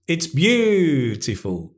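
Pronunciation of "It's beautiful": In 'It's beautiful', the stress on 'beautiful' is given more volume, so it sounds louder.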